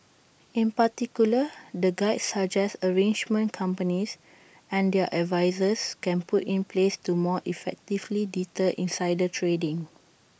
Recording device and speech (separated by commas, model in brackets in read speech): boundary microphone (BM630), read sentence